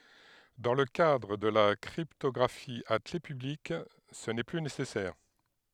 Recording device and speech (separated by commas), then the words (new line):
headset microphone, read sentence
Dans le cadre de la cryptographie à clef publique, ce n'est plus nécessaire.